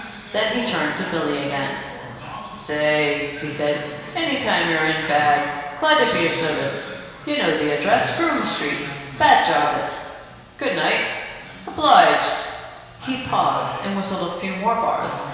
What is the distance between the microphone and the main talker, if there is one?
1.7 m.